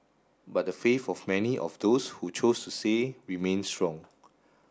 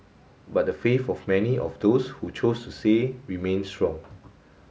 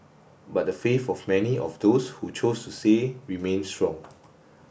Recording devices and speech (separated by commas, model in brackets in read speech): standing microphone (AKG C214), mobile phone (Samsung S8), boundary microphone (BM630), read sentence